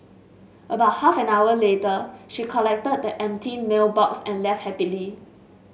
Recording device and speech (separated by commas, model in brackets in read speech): mobile phone (Samsung S8), read sentence